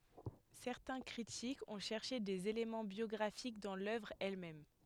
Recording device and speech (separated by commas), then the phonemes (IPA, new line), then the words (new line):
headset microphone, read sentence
sɛʁtɛ̃ kʁitikz ɔ̃ ʃɛʁʃe dez elemɑ̃ bjɔɡʁafik dɑ̃ lœvʁ ɛl mɛm
Certains critiques ont cherché des éléments biographiques dans l’œuvre elle-même.